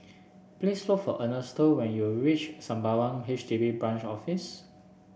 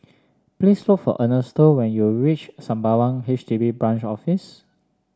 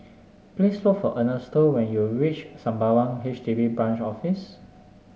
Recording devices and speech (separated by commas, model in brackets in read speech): boundary microphone (BM630), standing microphone (AKG C214), mobile phone (Samsung S8), read sentence